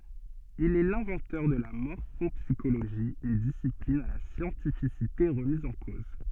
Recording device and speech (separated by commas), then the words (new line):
soft in-ear microphone, read sentence
Il est l'inventeur de la morphopsychologie, une discipline à la scientificité remise en cause.